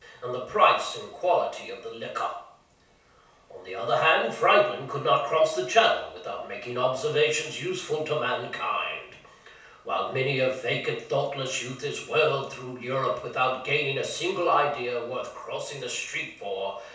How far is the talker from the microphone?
3.0 m.